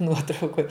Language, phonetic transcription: Lithuanian, ˈnuotraukoj

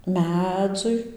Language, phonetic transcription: Lithuanian, ˈmedzui

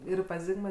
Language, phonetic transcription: Lithuanian, ˈir pas ˈzigma

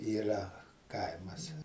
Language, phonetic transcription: Lithuanian, yˈra ˈkaimas

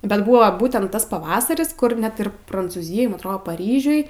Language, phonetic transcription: Lithuanian, bet ˈbuvo ˈbūtent ˈtas paˈvasaris ˈkur ˈnet ir prancūˈzijoj atˈrodo paˈryžiuj

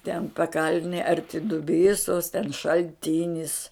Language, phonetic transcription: Lithuanian, ten paˈkalnij arˈti duˈbysos ten šalˈtinis

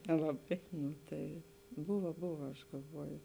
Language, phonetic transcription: Lithuanian, nelaˈbai ˈnu ˈtai ˈbuva ˈbuva aš galˈvuoju

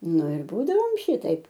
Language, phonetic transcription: Lithuanian, ˈnu ir ˈbūdavom ˈšytaip

